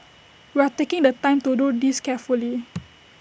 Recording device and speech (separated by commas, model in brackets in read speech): boundary microphone (BM630), read sentence